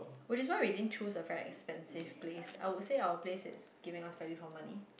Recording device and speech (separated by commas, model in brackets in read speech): boundary microphone, conversation in the same room